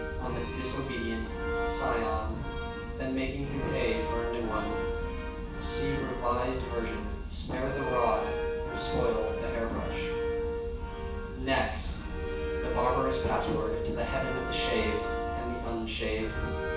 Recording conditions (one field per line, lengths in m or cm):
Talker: one person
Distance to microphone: 9.8 m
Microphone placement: far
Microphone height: 1.8 m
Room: large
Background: music